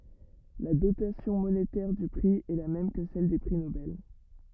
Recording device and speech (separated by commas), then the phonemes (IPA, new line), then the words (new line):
rigid in-ear microphone, read sentence
la dotasjɔ̃ monetɛʁ dy pʁi ɛ la mɛm kə sɛl de pʁi nobɛl
La dotation monétaire du prix est la même que celle des prix Nobel.